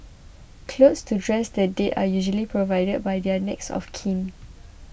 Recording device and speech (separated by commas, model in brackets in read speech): boundary microphone (BM630), read sentence